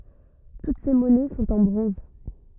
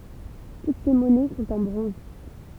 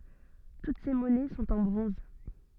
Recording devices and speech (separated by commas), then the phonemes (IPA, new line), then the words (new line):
rigid in-ear microphone, temple vibration pickup, soft in-ear microphone, read sentence
tut se mɔnɛ sɔ̃t ɑ̃ bʁɔ̃z
Toutes ces monnaies sont en bronze.